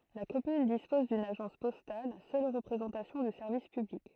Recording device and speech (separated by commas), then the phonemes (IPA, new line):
throat microphone, read sentence
la kɔmyn dispɔz dyn aʒɑ̃s pɔstal sœl ʁəpʁezɑ̃tasjɔ̃ dy sɛʁvis pyblik